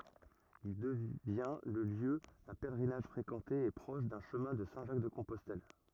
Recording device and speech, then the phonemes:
rigid in-ear microphone, read sentence
il dəvjɛ̃ lə ljø dœ̃ pɛlʁinaʒ fʁekɑ̃te e pʁɔʃ dœ̃ ʃəmɛ̃ də sɛ̃ ʒak də kɔ̃pɔstɛl

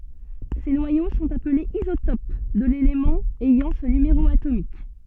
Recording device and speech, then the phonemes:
soft in-ear microphone, read sentence
se nwajo sɔ̃t aplez izotop də lelemɑ̃ ɛjɑ̃ sə nymeʁo atomik

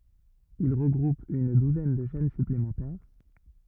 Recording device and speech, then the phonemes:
rigid in-ear microphone, read sentence
il ʁəɡʁup yn duzɛn də ʃɛn syplemɑ̃tɛʁ

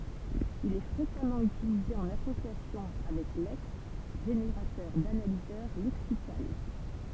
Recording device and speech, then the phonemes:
temple vibration pickup, read sentence
il ɛ fʁekamɑ̃ ytilize ɑ̃n asosjasjɔ̃ avɛk lɛks ʒeneʁatœʁ danalizœʁ lɛksikal

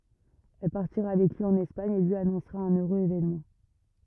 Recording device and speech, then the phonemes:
rigid in-ear microphone, read sentence
ɛl paʁtiʁa avɛk lyi ɑ̃n ɛspaɲ e lyi anɔ̃sʁa œ̃n øʁøz evenmɑ̃

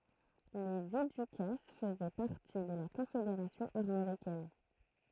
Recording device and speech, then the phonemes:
throat microphone, read sentence
le vidykas fəzɛ paʁti də la kɔ̃fedeʁasjɔ̃ aʁmoʁikɛn

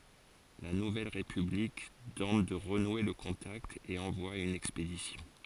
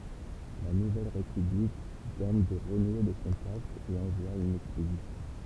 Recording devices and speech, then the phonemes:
forehead accelerometer, temple vibration pickup, read sentence
la nuvɛl ʁepyblik tɑ̃t də ʁənwe lə kɔ̃takt e ɑ̃vwa yn ɛkspedisjɔ̃

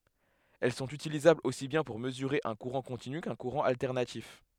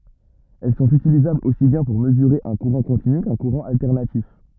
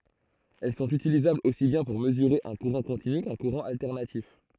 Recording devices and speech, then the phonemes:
headset microphone, rigid in-ear microphone, throat microphone, read sentence
ɛl sɔ̃t ytilizablz osi bjɛ̃ puʁ məzyʁe œ̃ kuʁɑ̃ kɔ̃tiny kœ̃ kuʁɑ̃ altɛʁnatif

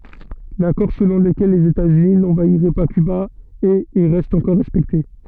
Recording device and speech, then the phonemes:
soft in-ear microphone, read sentence
lakɔʁ səlɔ̃ ləkɛl lez etaz yni nɑ̃vaiʁɛ pa kyba ɛt e ʁɛst ɑ̃kɔʁ ʁɛspɛkte

